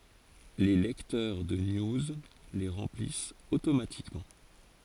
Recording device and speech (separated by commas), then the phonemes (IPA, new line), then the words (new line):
forehead accelerometer, read sentence
le lɛktœʁ də niuz le ʁɑ̃plist otomatikmɑ̃
Les lecteurs de news les remplissent automatiquement.